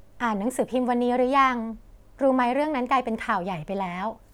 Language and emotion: Thai, neutral